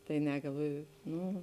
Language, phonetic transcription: Lithuanian, tai ˈne galˈvoju ˈnū

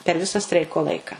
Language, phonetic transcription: Lithuanian, per ˈvisa ˈstreiko ˈlaika

